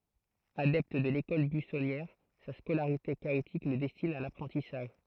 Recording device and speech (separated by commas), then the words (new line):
throat microphone, read sentence
Adepte de l'école buissonnière, sa scolarité chaotique le destine à l'apprentissage.